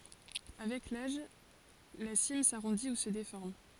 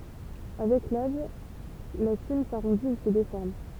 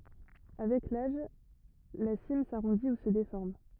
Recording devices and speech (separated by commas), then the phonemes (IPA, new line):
forehead accelerometer, temple vibration pickup, rigid in-ear microphone, read sentence
avɛk laʒ la sim saʁɔ̃di u sə defɔʁm